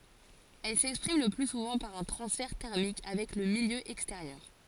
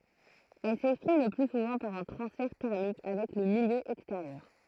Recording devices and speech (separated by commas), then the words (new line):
forehead accelerometer, throat microphone, read sentence
Elle s'exprime le plus souvent par un transfert thermique avec le milieu extérieur.